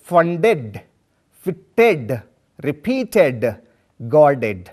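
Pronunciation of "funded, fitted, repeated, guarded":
'Funded', 'fitted', 'repeated' and 'guarded' are pronounced incorrectly here.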